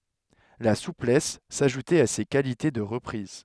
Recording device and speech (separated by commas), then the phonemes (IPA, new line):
headset microphone, read sentence
la suplɛs saʒutɛt a se kalite də ʁəpʁiz